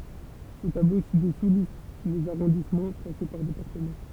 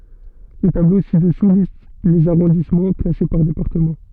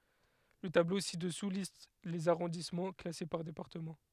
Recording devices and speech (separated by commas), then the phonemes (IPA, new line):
temple vibration pickup, soft in-ear microphone, headset microphone, read sentence
lə tablo si dəsu list lez aʁɔ̃dismɑ̃ klase paʁ depaʁtəmɑ̃